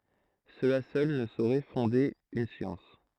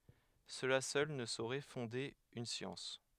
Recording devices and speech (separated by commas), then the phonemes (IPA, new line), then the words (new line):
throat microphone, headset microphone, read sentence
səla sœl nə soʁɛ fɔ̃de yn sjɑ̃s
Cela seul ne saurait fonder une science.